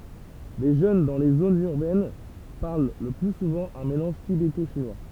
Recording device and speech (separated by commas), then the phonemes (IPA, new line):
temple vibration pickup, read sentence
le ʒøn dɑ̃ le zonz yʁbɛn paʁl lə ply suvɑ̃ œ̃ melɑ̃ʒ tibeto ʃinwa